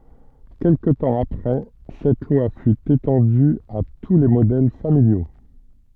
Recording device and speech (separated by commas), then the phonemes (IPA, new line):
soft in-ear microphone, read sentence
kɛlkə tɑ̃ apʁɛ sɛt lwa fy etɑ̃dy a tu le modɛl familjo